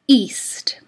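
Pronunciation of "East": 'East' starts with a glottal stop.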